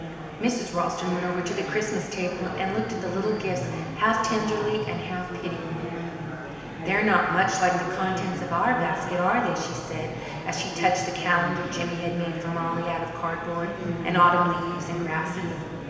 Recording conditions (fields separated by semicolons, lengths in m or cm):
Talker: one person; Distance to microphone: 1.7 m; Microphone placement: close; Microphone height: 1.0 m; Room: very reverberant, large; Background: babble